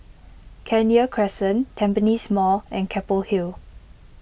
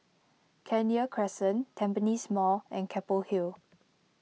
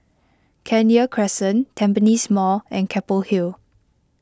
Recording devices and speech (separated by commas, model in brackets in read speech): boundary microphone (BM630), mobile phone (iPhone 6), close-talking microphone (WH20), read sentence